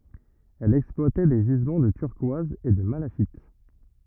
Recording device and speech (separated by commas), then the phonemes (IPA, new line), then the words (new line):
rigid in-ear microphone, read sentence
ɛl ɛksplwatɛ de ʒizmɑ̃ də tyʁkwaz e də malaʃit
Elle exploitait des gisements de turquoise et de malachite.